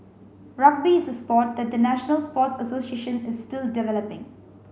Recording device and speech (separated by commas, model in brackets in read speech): mobile phone (Samsung C5), read sentence